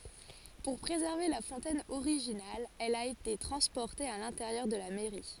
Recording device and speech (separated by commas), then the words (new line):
forehead accelerometer, read sentence
Pour préserver la fontaine originale, elle a été transportée à l'intérieur de la mairie.